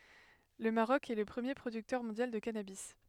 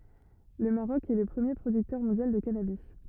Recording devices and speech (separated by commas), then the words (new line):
headset microphone, rigid in-ear microphone, read sentence
Le Maroc est le premier producteur mondial de cannabis.